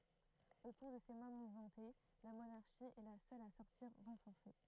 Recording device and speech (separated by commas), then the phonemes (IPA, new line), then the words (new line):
throat microphone, read sentence
o kuʁ də se mwa muvmɑ̃te la monaʁʃi ɛ la sœl a sɔʁtiʁ ʁɑ̃fɔʁse
Au cours de ces mois mouvementés, la monarchie est la seule à sortir renforcée.